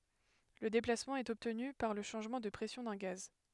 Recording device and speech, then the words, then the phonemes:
headset microphone, read sentence
Le déplacement est obtenu par le changement de pression d'un gaz.
lə deplasmɑ̃ ɛt ɔbtny paʁ lə ʃɑ̃ʒmɑ̃ də pʁɛsjɔ̃ dœ̃ ɡaz

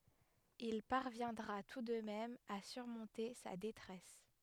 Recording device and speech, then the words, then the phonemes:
headset microphone, read sentence
Il parviendra tout de même à surmonter sa détresse.
il paʁvjɛ̃dʁa tu də mɛm a syʁmɔ̃te sa detʁɛs

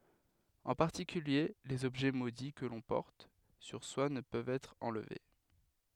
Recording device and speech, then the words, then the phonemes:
headset microphone, read sentence
En particulier, les objets maudits que l'on porte sur soi ne peuvent être enlevés.
ɑ̃ paʁtikylje lez ɔbʒɛ modi kə lɔ̃ pɔʁt syʁ swa nə pøvt ɛtʁ ɑ̃lve

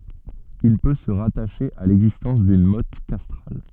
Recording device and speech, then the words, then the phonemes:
soft in-ear microphone, read sentence
Il peut se rattacher à l’existence d’une motte castrale.
il pø sə ʁataʃe a lɛɡzistɑ̃s dyn mɔt kastʁal

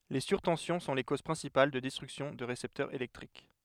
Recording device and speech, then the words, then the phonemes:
headset microphone, read sentence
Les surtensions sont les causes principales de destruction de récepteurs électriques.
le syʁtɑ̃sjɔ̃ sɔ̃ le koz pʁɛ̃sipal də dɛstʁyksjɔ̃ də ʁesɛptœʁz elɛktʁik

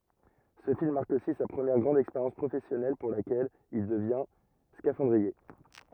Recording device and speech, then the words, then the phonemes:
rigid in-ear microphone, read sentence
Ce film marque aussi sa première grande expérience professionnelle pour laquelle il devient scaphandrier.
sə film maʁk osi sa pʁəmjɛʁ ɡʁɑ̃d ɛkspeʁjɑ̃s pʁofɛsjɔnɛl puʁ lakɛl il dəvjɛ̃ skafɑ̃dʁie

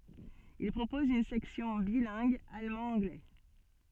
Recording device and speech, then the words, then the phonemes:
soft in-ear microphone, read sentence
Il propose une section bilingue allemand-anglais.
il pʁopɔz yn sɛksjɔ̃ bilɛ̃ɡ almɑ̃dɑ̃ɡlɛ

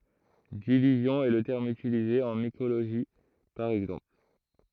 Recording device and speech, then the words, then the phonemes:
throat microphone, read sentence
Division est le terme utilisé en mycologie, par exemple.
divizjɔ̃ ɛ lə tɛʁm ytilize ɑ̃ mikoloʒi paʁ ɛɡzɑ̃pl

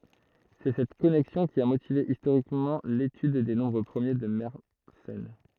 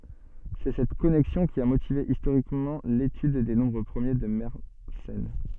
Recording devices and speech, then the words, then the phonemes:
throat microphone, soft in-ear microphone, read sentence
C'est cette connexion qui a motivé historiquement l'étude des nombres premiers de Mersenne.
sɛ sɛt kɔnɛksjɔ̃ ki a motive istoʁikmɑ̃ letyd de nɔ̃bʁ pʁəmje də mɛʁsɛn

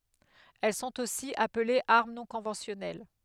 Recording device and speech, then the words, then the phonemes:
headset microphone, read sentence
Elles sont aussi appelées armes non conventionnelles.
ɛl sɔ̃t osi aplez aʁm nɔ̃ kɔ̃vɑ̃sjɔnɛl

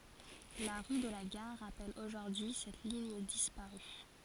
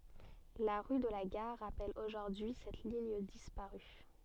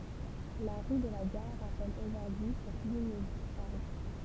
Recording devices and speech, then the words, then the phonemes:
forehead accelerometer, soft in-ear microphone, temple vibration pickup, read sentence
La rue de la Gare rappelle aujourd'hui cette ligne disparue.
la ʁy də la ɡaʁ ʁapɛl oʒuʁdyi sɛt liɲ dispaʁy

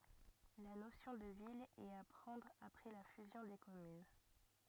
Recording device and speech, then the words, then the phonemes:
rigid in-ear microphone, read sentence
La notion de ville est à prendre après la fusion des communes.
la nosjɔ̃ də vil ɛt a pʁɑ̃dʁ apʁɛ la fyzjɔ̃ de kɔmyn

